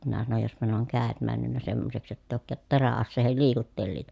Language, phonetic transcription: Finnish, minä sanoj » jospa ne oŋ kä̀et männynnä semmoseks jott ‿èi òᵘkkaat terä₍asseehel liikuttelliita » .
- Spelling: minä sanoin jospa ne on kädet mennyt semmoiseksi jotta ei olekaan teräaseiden liikuttelijoita

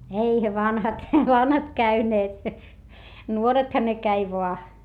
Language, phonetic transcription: Finnish, eihä vanhat , vanhat käyneet , nuoretha ne käi voa .
- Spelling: eihän vanhat vanhat käyneet nuorethan ne kävi vain

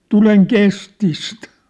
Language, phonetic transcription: Finnish, » "tuleŋ "kestist ! «
- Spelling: tulen kestistä

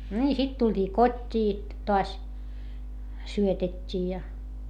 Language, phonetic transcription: Finnish, ńii sit tuĺt́ii kot́t́ii , toas , syötet́t́ii ja .
- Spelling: niin sitten tultiin kotiin taas syötettiin ja

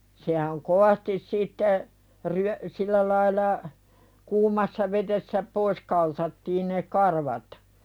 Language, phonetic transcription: Finnish, sehäŋ 'kovastis sitte , ryö- , 'sillä lail̀a , 'kuumassa ved̳essä , "pois kaltattiin ne 'karvat .
- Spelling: sehän kovasti sitten - sillä lailla kuumassa vedessä pois kaltattiin ne karvat

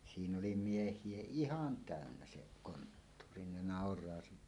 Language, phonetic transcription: Finnish, 'siinn ‿oli 'mieh̀ie "ihan "tä̀önnä se konttuuri , ne 'nàor̀aa siiɴᴀ̈ .
- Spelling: siinä oli miehiä ihan täynnä se konttori ne nauraa siinä

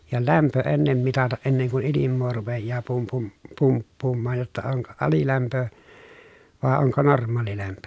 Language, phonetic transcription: Finnish, ja lämpö ennem mitataʼ ʼenneŋ kun̬ ilimmoo rupejjaa pum- pum- , pumppuummaaj jotta oŋko alilämpö , vàe oŋko norm̆maalilämpö .
- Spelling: ja lämpö ennen mitata ennen kuin ilmaa rupeaa - - pumppuamaan jotta onko alilämpö vai onko normaalilämpö

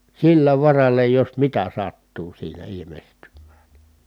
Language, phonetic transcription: Finnish, sillä varalla jos mitä sattuu siinä ilimestymmÄÄN .
- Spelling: sillä varalla jos mitä sattuu siinä ilmestymään

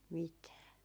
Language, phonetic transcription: Finnish, 'mitää .
- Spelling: mitään

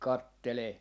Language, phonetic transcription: Finnish, "kattelee .
- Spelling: katselee

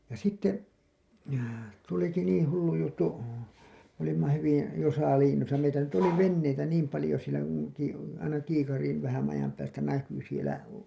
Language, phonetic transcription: Finnish, ja 'sitte , tuliki 'niiḭ hullu juttu , m ‿olimma hyvin̬ , jo (saaliin̬₍innosa) meitä nyt oli "venneitä 'niim palĭjo sielä ku (nuim) piti , aina kiikariin , vähän ajam päästä 'näky sielä .
- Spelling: ja sitten tulikin niin hullu juttu me olimme hyvin jo saaliininnossa meitä nyt oli veneitä niin paljon siellä kun niin piti aina kiikariin vähän ajan päästä näkyi siellä

